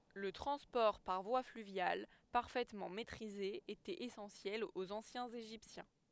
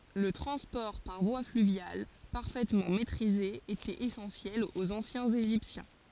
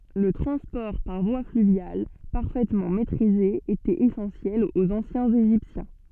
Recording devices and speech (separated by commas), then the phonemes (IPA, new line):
headset microphone, forehead accelerometer, soft in-ear microphone, read sentence
lə tʁɑ̃spɔʁ paʁ vwa flyvjal paʁfɛtmɑ̃ mɛtʁize etɛt esɑ̃sjɛl oz ɑ̃sjɛ̃z eʒiptjɛ̃